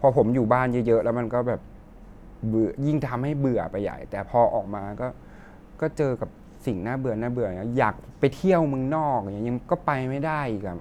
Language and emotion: Thai, frustrated